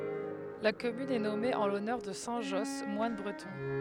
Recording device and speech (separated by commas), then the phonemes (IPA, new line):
headset microphone, read sentence
la kɔmyn ɛ nɔme ɑ̃ lɔnœʁ də sɛ̃ ʒɔs mwan bʁətɔ̃